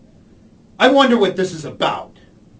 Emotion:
angry